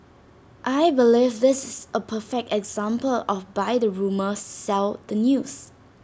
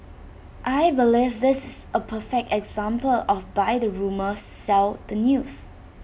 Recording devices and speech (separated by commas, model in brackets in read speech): standing microphone (AKG C214), boundary microphone (BM630), read sentence